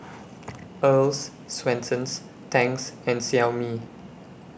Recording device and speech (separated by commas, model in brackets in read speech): boundary microphone (BM630), read sentence